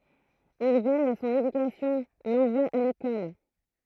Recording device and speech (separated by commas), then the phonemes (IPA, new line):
throat microphone, read sentence
il vɛj a sɔ̃n edykasjɔ̃ lɑ̃vwa a lekɔl